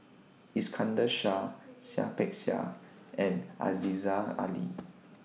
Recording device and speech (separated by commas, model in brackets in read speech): mobile phone (iPhone 6), read sentence